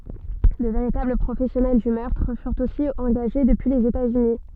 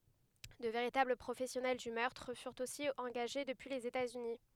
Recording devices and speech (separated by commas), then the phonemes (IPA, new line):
soft in-ear microphone, headset microphone, read sentence
də veʁitabl pʁofɛsjɔnɛl dy mœʁtʁ fyʁt osi ɑ̃ɡaʒe dəpyi lez etaz yni